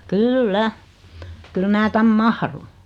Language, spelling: Finnish, kyllä kyllä minä tänne mahdun
- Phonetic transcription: kyl'lä , kyl 'mää 'täm "mahrun .

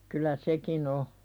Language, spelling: Finnish, kyllä sekin on
- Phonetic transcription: kyl̆lä "sekin ‿o .

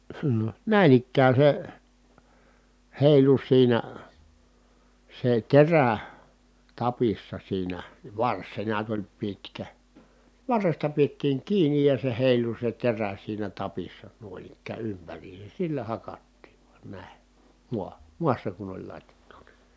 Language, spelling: Finnish, näin ikään se heilui siinä se terä tapissa siinä varsi se näet oli pitkä varresta pidettiin kiinni ja se heilui se terä siinä tapissa noin ikään ympäriinsä sillä hakattiin vain näin maahan maassa kun oli latjattuna
- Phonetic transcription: nä̀in ‿ikkää se , hèilu siinä , se terä , tapissa siinä , vars se neät oĺ pitkä , varresta piettiiŋ kiinij ja se hèilu se terä siinä tapissa nuoⁱn ‿ikkää ympäriises sillä hakattiiv VUAN nä̀e , mua(ha) , muassa kun ‿oĺ lat́jattU(NA) .

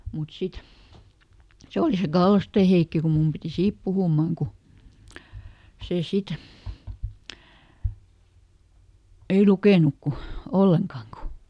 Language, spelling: Finnish, mutta sitten se oli se Kallosten Heikki kun minun piti siitä puhuman kun se sitten ei lukenut kuin ollenkaan kun
- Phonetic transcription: mut ˈsit , ˈse oli se "Gallostè ˈHeikki ku ˈmum piti "siip puhùmaŋ ku , ˈsè ˈsit , ei "lukènuk ku , "olleŋkaaŋ ku ,.

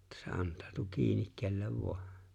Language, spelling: Finnish, että se antautuu kiinni kenelle vain
- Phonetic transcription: että se 'ant̀ᴀᴀtᴜ 'kiinik 'kellev 'vᴏᴀ .

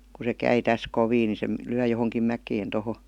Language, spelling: Finnish, kun se kai tässä kovin niin se lyö johonkin mäkeen tuohon
- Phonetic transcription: ku se 'käi 'täs "kovii ni se , 'lyä johoŋkim ''mäkeen toho .

